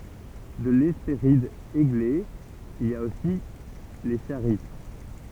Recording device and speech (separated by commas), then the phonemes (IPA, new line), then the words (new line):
temple vibration pickup, read sentence
də lɛspeʁid eɡle il a osi le ʃaʁit
De l'Hespéride Églé, il a aussi les Charites.